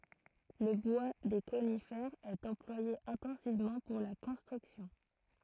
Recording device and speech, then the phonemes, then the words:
throat microphone, read sentence
lə bwa de konifɛʁz ɛt ɑ̃plwaje ɛ̃tɑ̃sivmɑ̃ puʁ la kɔ̃stʁyksjɔ̃
Le bois des conifères est employé intensivement pour la construction.

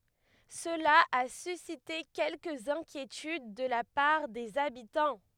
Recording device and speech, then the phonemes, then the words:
headset microphone, read sentence
səla a sysite kɛlkəz ɛ̃kjetyd də la paʁ dez abitɑ̃
Cela a suscité quelques inquiétudes de la part des habitants.

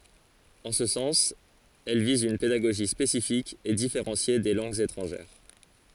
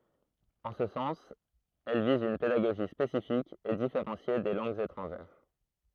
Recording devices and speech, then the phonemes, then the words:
forehead accelerometer, throat microphone, read sentence
ɑ̃ sə sɑ̃s ɛl viz yn pedaɡoʒi spesifik e difeʁɑ̃sje de lɑ̃ɡz etʁɑ̃ʒɛʁ
En ce sens, elle vise une pédagogie spécifique et différenciée des langues étrangères.

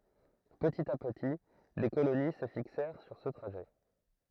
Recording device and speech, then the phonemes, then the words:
throat microphone, read sentence
pətit a pəti de koloni sə fiksɛʁ syʁ sə tʁaʒɛ
Petit à petit, des colonies se fixèrent sur ce trajet.

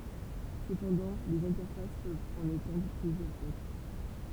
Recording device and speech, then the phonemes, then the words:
temple vibration pickup, read sentence
səpɑ̃dɑ̃ lez ɛ̃tɛʁfas pøvt ɑ̃n etɑ̃dʁ plyzjœʁz otʁ
Cependant les interfaces peuvent en étendre plusieurs autres.

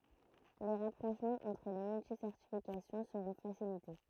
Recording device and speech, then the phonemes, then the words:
throat microphone, read sentence
le ʁapʁoʃmɑ̃z ɑ̃tʁ le myltisɛʁtifikasjɔ̃ səʁɔ̃ fasilite
Les rapprochements entre les multi-certifications seront facilités.

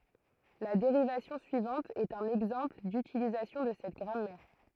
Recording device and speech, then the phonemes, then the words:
throat microphone, read sentence
la deʁivasjɔ̃ syivɑ̃t ɛt œ̃n ɛɡzɑ̃pl dytilizasjɔ̃ də sɛt ɡʁamɛʁ
La dérivation suivante est un exemple d'utilisation de cette grammaire.

